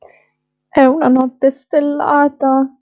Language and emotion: Italian, fearful